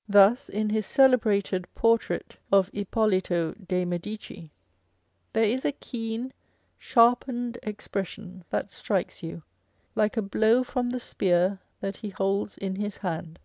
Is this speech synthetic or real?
real